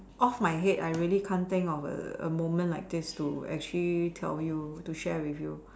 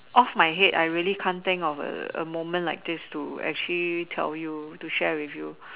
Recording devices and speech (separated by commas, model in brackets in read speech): standing microphone, telephone, conversation in separate rooms